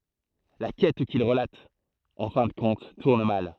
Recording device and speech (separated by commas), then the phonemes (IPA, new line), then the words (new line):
throat microphone, read sentence
la kɛt kil ʁəlat ɑ̃ fɛ̃ də kɔ̃t tuʁn mal
La quête qu’il relate, en fin de compte, tourne mal.